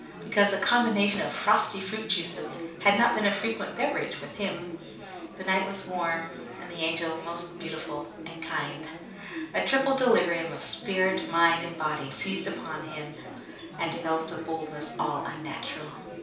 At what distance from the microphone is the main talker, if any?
3.0 m.